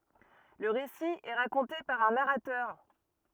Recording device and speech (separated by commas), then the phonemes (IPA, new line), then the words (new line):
rigid in-ear microphone, read sentence
lə ʁesi ɛ ʁakɔ̃te paʁ œ̃ naʁatœʁ
Le récit est raconté par un narrateur.